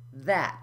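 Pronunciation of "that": In 'that', the t is unaspirated: no air is released on it.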